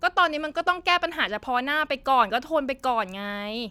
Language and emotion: Thai, frustrated